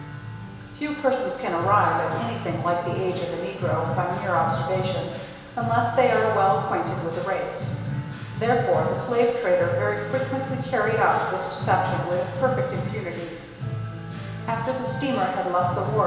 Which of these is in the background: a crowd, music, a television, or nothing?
Music.